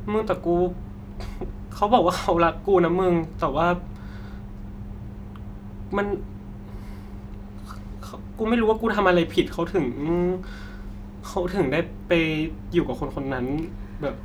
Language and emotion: Thai, sad